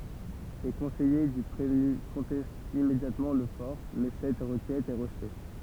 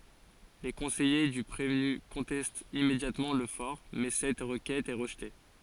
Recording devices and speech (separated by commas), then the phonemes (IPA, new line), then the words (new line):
temple vibration pickup, forehead accelerometer, read sentence
le kɔ̃sɛje dy pʁevny kɔ̃tɛstt immedjatmɑ̃ lə fɔʁ mɛ sɛt ʁəkɛt ɛ ʁəʒte
Les conseillers du prévenu contestent immédiatement le for, mais cette requête est rejetée.